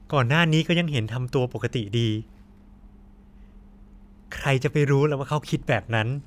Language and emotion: Thai, neutral